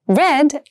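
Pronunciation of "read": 'Read' is said with the E sound, the same vowel as in 'bed' and 'met'.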